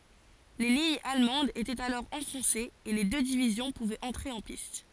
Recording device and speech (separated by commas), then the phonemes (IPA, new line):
forehead accelerometer, read sentence
le liɲz almɑ̃dz etɛt alɔʁ ɑ̃fɔ̃sez e le dø divizjɔ̃ puvɛt ɑ̃tʁe ɑ̃ pist